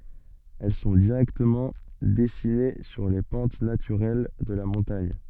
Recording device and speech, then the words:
soft in-ear microphone, read sentence
Elles sont directement dessinées sur les pentes naturelles de la montagne.

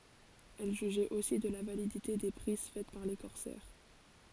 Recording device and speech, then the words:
forehead accelerometer, read sentence
Elle jugeait aussi de la validité des prises faites par les corsaires.

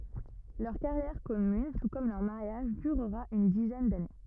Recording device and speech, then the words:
rigid in-ear microphone, read sentence
Leur carrière commune, tout comme leur mariage, durera une dizaine d'années.

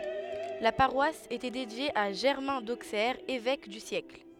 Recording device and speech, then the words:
headset microphone, read sentence
La paroisse était dédiée à Germain d'Auxerre, évêque du siècle.

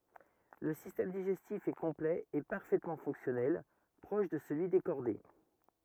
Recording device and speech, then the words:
rigid in-ear microphone, read sentence
Le système digestif est complet et parfaitement fonctionnel, proche de celui des chordés.

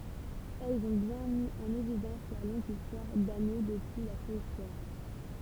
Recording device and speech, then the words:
temple vibration pickup, read sentence
Elles ont bien mis en évidence la longue histoire d'Agneaux depuis la Préhistoire.

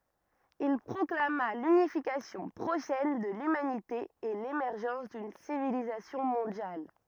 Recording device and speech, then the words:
rigid in-ear microphone, read sentence
Il proclama l’unification prochaine de l’humanité et l’émergence d’une civilisation mondiale.

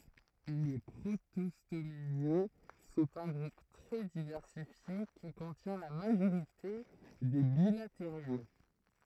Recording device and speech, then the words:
throat microphone, read sentence
Les protostomiens sont un groupe très diversifié qui contient la majorité des bilateriens.

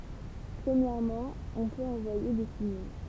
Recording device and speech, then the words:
temple vibration pickup, read sentence
Premièrement, on peut envoyer des signaux.

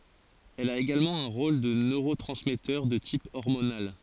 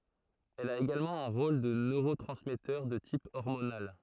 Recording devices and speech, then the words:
forehead accelerometer, throat microphone, read sentence
Elle a également un rôle de neurotransmetteur de type hormonal.

